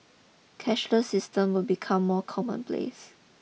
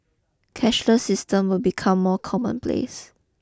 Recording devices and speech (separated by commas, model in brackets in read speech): mobile phone (iPhone 6), close-talking microphone (WH20), read sentence